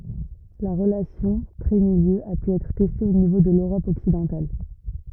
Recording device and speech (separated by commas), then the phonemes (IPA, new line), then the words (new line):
rigid in-ear microphone, read sentence
la ʁəlasjɔ̃ tʁɛtmiljø a py ɛtʁ tɛste o nivo də løʁɔp ɔksidɑ̃tal
La relation trait-milieu a pu être testée au niveau de l'Europe occidentale.